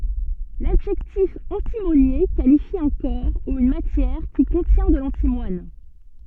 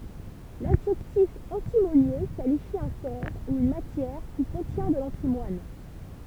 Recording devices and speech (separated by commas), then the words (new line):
soft in-ear microphone, temple vibration pickup, read sentence
L'adjectif antimonié qualifie un corps ou une matière qui contient de l'antimoine.